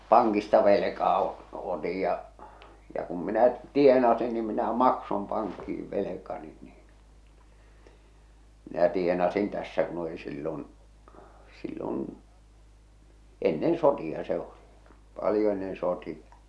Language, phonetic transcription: Finnish, 'paŋkista velekaa o- , 'otij ja , ja kum minä "tienasin ni minä "maksom paŋkki₍iv "velekani niin , minä 'tienasin tässä kun ‿oli sillon , sillon̬ , 'ennen "soti₍a se 'oli , 'palⁱjo ennen "soti₍a .
- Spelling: pankista velkaa - otin ja ja kun minä tienasin niin minä maksoin pankkiin velkani niin minä tienasin tässä kun oli silloin silloin ennen sotia se oli paljon ennen sotia

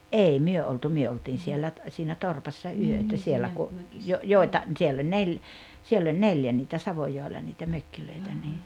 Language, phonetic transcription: Finnish, ’ei 'myö oltu 'myö oltiin 'siellä ‿t- , siinä "torpassa "yötä siellä ku , jo- 'jòi̬ta , siell ‿oĺ 'nel- , 'siell ‿oĺ "neljä niitä 'Savojòella niitä 'mökkilöitä nii ,.
- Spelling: ei me oltu me oltiin siellä - siinä torpassa yötä siellä kun - joita siellä oli - siellä oli neljä niitä Savojoella niitä mökkejä niin

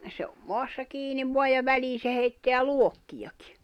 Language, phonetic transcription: Finnish, se om 'moassa 'kiiniv voaj ja 'välii se heitteä "luokkijakɪ .
- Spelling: se on maassa kiinni vain ja väliin se heittää luokkiakin

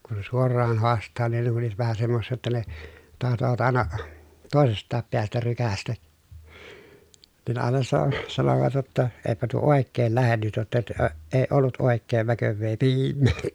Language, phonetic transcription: Finnish, kun̬ sen suor̆raan hoast̆taa nin ne kun̬ oliᵛᵃt vähä semmossii jotta ne , tahtovat àena , tòesest̆taap peästä rykästä , nin ne àena sa- , sanovat jotta , » eepä tuo òekkeel lähen nyt jotta , (tö-) ə , èi̮ ollut òekkeev väkövvee piimmeekkäää » .
- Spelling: kun sen suoraan haastaa niin ne kun olivat vähän semmoisia jotta ne tahtovat aina toisestakin päästä rykäistä niin ne aina - sanoivat jotta eipä tuo oikein lähde nyt jotta - - ei ollut oikein väkevää piimääkään

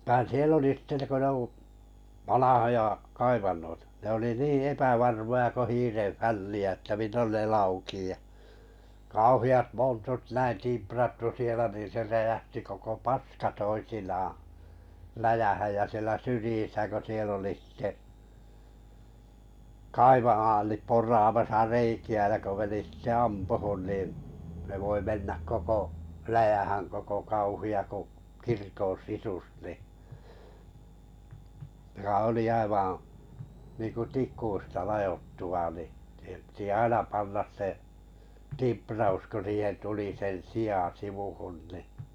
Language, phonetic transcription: Finnish, vᵃⁱⁿ "sie'l ‿oli sⁱte ko ne ‿u , 'vanahoja , 'kaivannoitᴀ , ne oli 'nii 'epävarmoja ko 'hiirev 'fälli₍ä ᵉttä 'millon ne 'laukii ja , 'kauhi₍at 'montut näin 'timprattu sielä nin̬ 'se 'räjähti koko "paska 'toisinaaa̰ , 'läjähäj jä sielä 'syrⁱjisä ko 'siel ‿oli sⁱte , "kaiva(naalip) 'por̀aamasa 'reiki₍ä ja ko meni sⁱtte 'ampuhun nìn̬ , ne voi 'mennäk koko , 'läjähäŋ koko 'kauhi₍a ku , 'kirko n̬ "sisus ni , (joka) olì niinku "tik̆kuista 'lajottu và ni , siihem pⁱtⁱ 'aina pannas se , 'timpraus ku 'siihen 'tuli sen "si₍à 'sivuhun ni ,.
- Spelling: vaan siellä oli sitten kun ne - vanhoja kaivantoja ne oli niin epävarmoja kun hiiren fälliä että milloin ne laukeaa ja kauheat montut näin timprattu siellä niin se räjähti koko paska toisinaan läjään ja siellä syrjissä kun siellä oli sitten kaivanaalit poraamassa reikiä ja kun meni sitten ampumaan niin ne voi mennä koko läjään koko kauhea kuin kirkon sisus niin joka oli niin kuin tikuista ladottu vain niin siihen piti aina panna se timpraus kun siihen tuli sen sijan sivuun niin

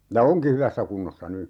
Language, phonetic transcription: Finnish, ja "oŋki 'hyvässä 'kunnossa "ny .
- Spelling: ja onkin hyvässä kunnossa nyt

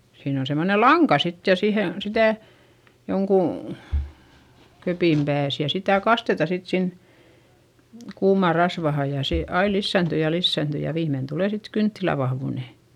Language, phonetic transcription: Finnish, siin ‿on semmone laŋka sit ja sihe , sitä̀ , joŋkù , köpìm pääs ja sitä̀ kasteta sit sin , kuumàr rasvahaj ja sè ai lissä̀nty ja lissä̀nty ja viimmein tulè sit kynttilä vahvùne .
- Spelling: siinä on semmoinen lanka sitten ja siihen sitä jonkun kepin päässä ja sitä kastetaan sitten sinne kuumaan rasvaan ja se aina lisääntyy ja lisääntyy ja viimein tulee sitten kynttilän vahvuinen

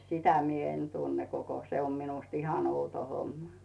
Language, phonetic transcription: Finnish, sitä mi ‿'en 'tunne koko , 'se om min̳ust 'ihan 'outo 'homma .
- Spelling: sitä minä en tunne koko se on minusta ihan outo homma

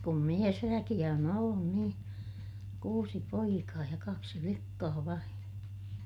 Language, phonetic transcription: Finnish, kum miesväkiʲä on ‿ollun nii , kuusi poikaa ja kaksi flikkaa vain .
- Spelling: kun miesväkeä on ollut niin kuusi poikaa ja kaksi likkaa vain

